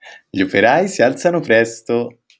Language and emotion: Italian, happy